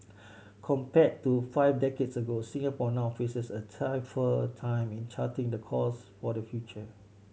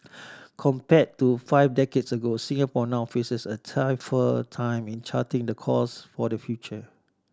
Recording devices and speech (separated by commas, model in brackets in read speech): mobile phone (Samsung C7100), standing microphone (AKG C214), read sentence